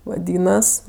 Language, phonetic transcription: Lithuanian, vaˈdynas

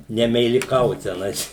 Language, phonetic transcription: Lithuanian, nemeiliˈkaut teˈnais

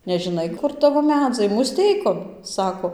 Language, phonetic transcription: Lithuanian, nežiˈnai ˈkur ˈtavo ˈmedzai muˈsteikon ˈsako

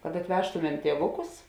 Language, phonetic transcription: Lithuanian, kad atˈvežtumem ˈtievuˌkus

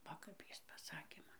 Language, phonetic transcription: Lithuanian, ˈva kap ˈjis paˈsakė ˈman

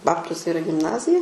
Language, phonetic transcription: Lithuanian, ˈbabtuse iˈra gimˈnazija

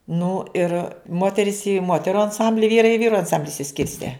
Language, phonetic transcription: Lithuanian, nu ir ˈmoteris ˈėjo i ˈmoteru anˈsambli ˈvyrai i ˈvyru anˈsambli išsiˈskirste

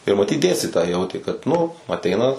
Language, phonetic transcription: Lithuanian, ir maˈtyt ˈdėstitojai ˈjautė kad ˈnu aˈteina

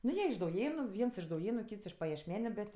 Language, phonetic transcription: Lithuanian, ˈnu ˈjie iš dauˈjėnu ˈviens iš dauˈjėnu ˈkyts iš paješˈmeniu ˈbet

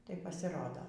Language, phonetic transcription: Lithuanian, tai pasiˈrodo

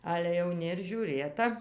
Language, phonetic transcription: Lithuanian, ale jauˈni ir žiūˈrėta

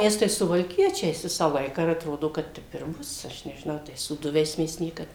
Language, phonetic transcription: Lithuanian, ˈmes tai suvalˈkiečiais ˈvisą ˈlaiką ir atˈrodo ˈkad ˈtep ir ˈbus ˈaš nežiˈnau ˈtais sūˈduviais ˈmes ˈniekad

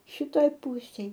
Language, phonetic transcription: Lithuanian, šiˈtoj ˈpusėj

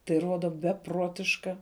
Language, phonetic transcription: Lithuanian, tai ˈruoda beˈpruotiška

